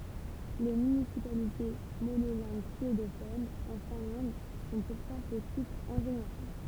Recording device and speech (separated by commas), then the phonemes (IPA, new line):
temple vibration pickup, read sentence
le mynisipalite monolɛ̃ɡ syedofonz ɑ̃ fɛ̃lɑ̃d sɔ̃ puʁtɑ̃ pətitz ɑ̃ ʒeneʁal